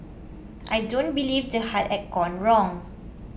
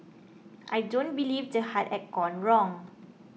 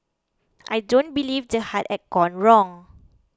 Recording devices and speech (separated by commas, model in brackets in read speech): boundary microphone (BM630), mobile phone (iPhone 6), close-talking microphone (WH20), read sentence